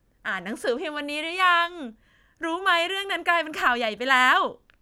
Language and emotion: Thai, happy